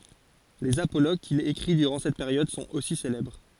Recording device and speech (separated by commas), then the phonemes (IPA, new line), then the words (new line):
forehead accelerometer, read sentence
lez apoloɡ kil ekʁi dyʁɑ̃ sɛt peʁjɔd sɔ̃t osi selɛbʁ
Les apologues qu'il écrit durant cette période sont aussi célèbres.